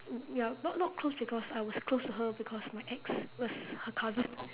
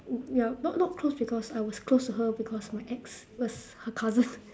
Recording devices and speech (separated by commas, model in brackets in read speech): telephone, standing microphone, conversation in separate rooms